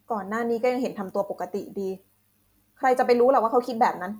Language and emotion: Thai, frustrated